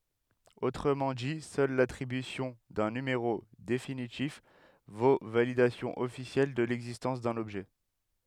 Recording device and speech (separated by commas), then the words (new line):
headset microphone, read sentence
Autrement dit, seul l'attribution d'un numéro définitif vaut validation officielle de l'existence d'un objet.